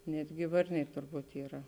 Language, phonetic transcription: Lithuanian, ˈnetgi ˈvarniai turˈbūt yˈra

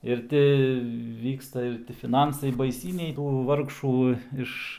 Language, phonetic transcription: Lithuanian, ir ˈti ˈvyksta ir ti fiˈnansai baiˈsyniai tų ˈvargšų ˈiš

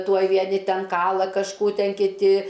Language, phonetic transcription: Lithuanian, ˈtuoj vieˈni ˈten ˈkala kažˈkų ˈten kiˈti

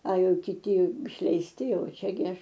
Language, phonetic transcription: Lithuanian, a ˈjau kiˈti išleisˈti ˈjau ˈčia gi ˈaš

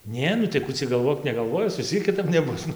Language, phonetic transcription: Lithuanian, ˈnė nu tai ˈkų cia galˈvok negalˈvojis vis ˈciek kiˈtap neˈbus ˈnu

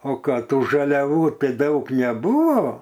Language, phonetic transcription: Lithuanian, ˈo ˈką ˈtų žaliaˈvų ˈtai ˈdaug neˈbūvo

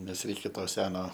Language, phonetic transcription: Lithuanian, ˈnes ˈreikia ˈto ˈseno

